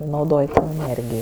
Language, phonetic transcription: Lithuanian, nauˈdoj eˈnėrgijo

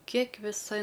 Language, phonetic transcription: Lithuanian, ˈkiek viˈsa

